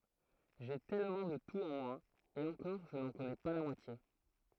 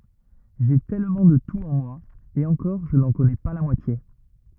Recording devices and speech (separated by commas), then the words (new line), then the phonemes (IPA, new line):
throat microphone, rigid in-ear microphone, read sentence
J'ai tellement de tout en moi, et encore je n'en connais pas la moitié.
ʒe tɛlmɑ̃ də tut ɑ̃ mwa e ɑ̃kɔʁ ʒə nɑ̃ kɔnɛ pa la mwatje